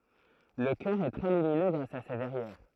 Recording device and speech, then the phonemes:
throat microphone, read sentence
lə kœʁ ɛ tʁɛ lyminø ɡʁas a se vɛʁjɛʁ

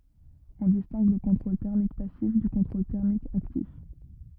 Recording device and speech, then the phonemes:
rigid in-ear microphone, read sentence
ɔ̃ distɛ̃ɡ lə kɔ̃tʁol tɛʁmik pasif dy kɔ̃tʁol tɛʁmik aktif

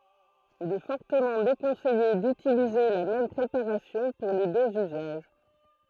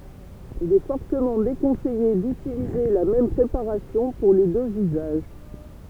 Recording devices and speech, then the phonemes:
throat microphone, temple vibration pickup, read sentence
il ɛ fɔʁtəmɑ̃ dekɔ̃sɛje dytilize la mɛm pʁepaʁasjɔ̃ puʁ le døz yzaʒ

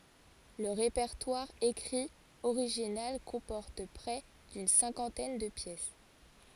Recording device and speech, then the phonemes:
forehead accelerometer, read sentence
lə ʁepɛʁtwaʁ ekʁi oʁiʒinal kɔ̃pɔʁt pʁɛ dyn sɛ̃kɑ̃tɛn də pjɛs

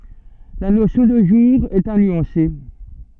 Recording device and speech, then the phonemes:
soft in-ear microphone, read sentence
la nosjɔ̃ də ʒuʁ ɛt a nyɑ̃se

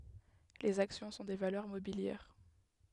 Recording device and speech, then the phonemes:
headset microphone, read sentence
lez aksjɔ̃ sɔ̃ de valœʁ mobiljɛʁ

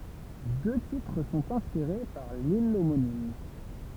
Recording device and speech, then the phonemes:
temple vibration pickup, read sentence
dø titʁ sɔ̃t ɛ̃spiʁe paʁ lil omonim

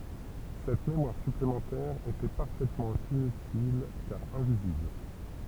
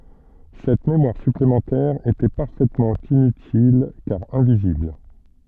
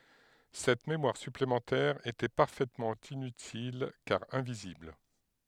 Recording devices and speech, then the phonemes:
temple vibration pickup, soft in-ear microphone, headset microphone, read sentence
sɛt memwaʁ syplemɑ̃tɛʁ etɛ paʁfɛtmɑ̃ inytil kaʁ ɛ̃vizibl

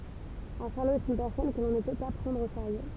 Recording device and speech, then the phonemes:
temple vibration pickup, read sentence
œ̃ ʃaʁlo ɛt yn pɛʁsɔn kə lɔ̃ nə pø pa pʁɑ̃dʁ o seʁjø

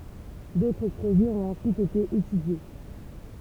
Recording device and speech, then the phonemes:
temple vibration pickup, read sentence
dotʁ pʁoʒɛz ɔ̃t ɑ̃syit ete etydje

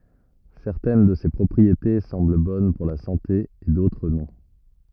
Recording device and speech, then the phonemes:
rigid in-ear microphone, read sentence
sɛʁtɛn də se pʁɔpʁiete sɑ̃bl bɔn puʁ la sɑ̃te e dotʁ nɔ̃

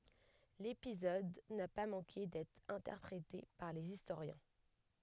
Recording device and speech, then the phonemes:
headset microphone, read sentence
lepizɔd na pa mɑ̃ke dɛtʁ ɛ̃tɛʁpʁete paʁ lez istoʁjɛ̃

